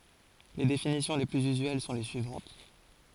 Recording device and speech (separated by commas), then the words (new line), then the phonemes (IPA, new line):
forehead accelerometer, read sentence
Les définitions les plus usuelles sont les suivantes.
le definisjɔ̃ le plyz yzyɛl sɔ̃ le syivɑ̃t